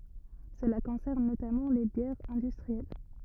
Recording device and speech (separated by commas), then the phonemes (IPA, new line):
rigid in-ear microphone, read sentence
səla kɔ̃sɛʁn notamɑ̃ le bjɛʁz ɛ̃dystʁiɛl